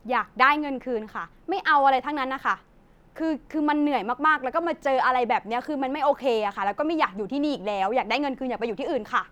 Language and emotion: Thai, frustrated